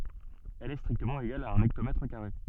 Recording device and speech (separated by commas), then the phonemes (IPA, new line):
soft in-ear microphone, read sentence
ɛl ɛ stʁiktəmɑ̃ eɡal a œ̃n ɛktomɛtʁ kaʁe